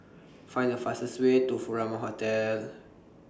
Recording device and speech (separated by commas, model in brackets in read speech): standing microphone (AKG C214), read sentence